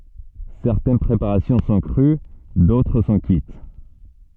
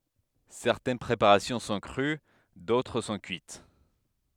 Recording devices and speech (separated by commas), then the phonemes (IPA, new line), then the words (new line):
soft in-ear microphone, headset microphone, read sentence
sɛʁtɛn pʁepaʁasjɔ̃ sɔ̃ kʁy dotʁ sɔ̃ kyit
Certaines préparations sont crues, d'autres sont cuites.